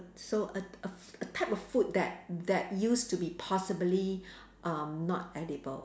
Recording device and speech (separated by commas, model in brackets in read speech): standing microphone, conversation in separate rooms